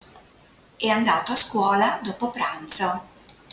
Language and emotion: Italian, neutral